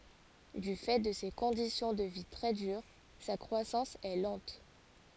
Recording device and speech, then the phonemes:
forehead accelerometer, read sentence
dy fɛ də se kɔ̃disjɔ̃ də vi tʁɛ dyʁ sa kʁwasɑ̃s ɛ lɑ̃t

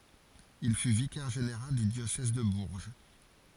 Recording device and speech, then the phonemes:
forehead accelerometer, read sentence
il fy vikɛʁ ʒeneʁal dy djosɛz də buʁʒ

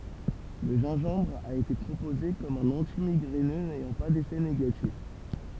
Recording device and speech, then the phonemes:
temple vibration pickup, read sentence
lə ʒɛ̃ʒɑ̃bʁ a ete pʁopoze kɔm œ̃n ɑ̃timiɡʁɛnø nɛjɑ̃ pa defɛ neɡatif

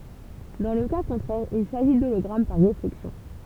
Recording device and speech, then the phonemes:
temple vibration pickup, read sentence
dɑ̃ lə ka kɔ̃tʁɛʁ il saʒi dolɔɡʁam paʁ ʁeflɛksjɔ̃

